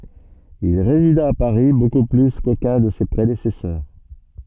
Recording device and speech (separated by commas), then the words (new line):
soft in-ear microphone, read sentence
Il résida à Paris beaucoup plus qu'aucun de ses prédécesseurs.